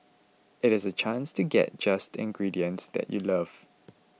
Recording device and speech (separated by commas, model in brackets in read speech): mobile phone (iPhone 6), read sentence